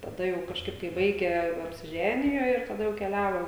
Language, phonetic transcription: Lithuanian, taˈda jau kažˈkaip kai ˈbaigę apsiˈženijo ir taˈda jau keˈliavo

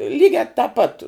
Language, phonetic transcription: Lithuanian, ˈlygiā tā pat

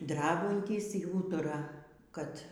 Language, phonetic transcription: Lithuanian, ˈdrabantys y ˈūtura ˈkad

